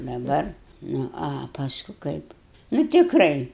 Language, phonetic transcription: Lithuanian, daˈbar ˈnu a paˈsku ˈkaip nu tikˈrai

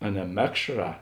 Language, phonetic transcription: Lithuanian, a ne ˈmekšˌrā

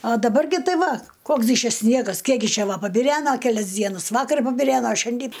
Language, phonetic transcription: Lithuanian, a daˈbar gi ˈtai ˈva ˈkoks gi ˈčia ˈsniegas ˈkiek gi ˈčia ˈva pabiˈrena keˈlias ˈdienas ˈvakar pabiˈreno ˈšiandy

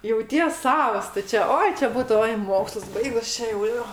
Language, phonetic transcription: Lithuanian, jauˈties ˈsavas tu ˈčia ˈoi čia ˈbūtu ˈoi ˈmokslus ˈbaigus ˈčia jau ˈjo

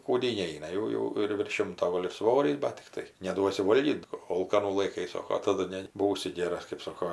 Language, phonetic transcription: Lithuanian, kūˈdyn ˈneina ˈjau jau ir virš ˈšimto ˈgol' ir ˈsvorys bat tikˈtai neˈduosi ˈvolgyt ˈolkanų laiˈkai ˈsoko taˈdu ne ˈbūsi ˈgėras kɜp ˈsoko

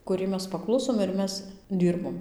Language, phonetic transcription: Lithuanian, kuˈriai ˈmes paˈklusom ir ˈmes ˈdyrbom

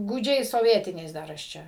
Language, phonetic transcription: Lithuanian, gūˈdžiais soˈvietiniais ˈdar aš ˈčia

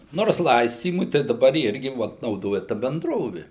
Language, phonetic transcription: Lithuanian, ˈnors ˈlaistymui tai daˈbar ˈirgi ˈvot nauˈdoja ˈta benˈdrovi

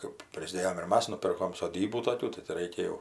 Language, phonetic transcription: Lithuanian, kɜp ˈprisdėjam ir ˈmas nuˈpirkom soˈdybų toˈkių tai ti ˈreikia jau

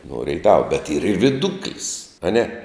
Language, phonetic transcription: Lithuanian, nuo ˈreitava bet yr ir viˈduklis aˈne

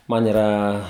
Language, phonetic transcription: Lithuanian, ˈman yˈra

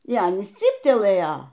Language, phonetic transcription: Lithuanian, y ˈanys ˈcyptelɘja

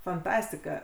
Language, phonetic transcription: Lithuanian, fanˈtastika

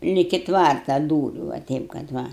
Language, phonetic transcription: Lithuanian, liki ˈtvarta ˈdūriu va ˈteip kad ˈva

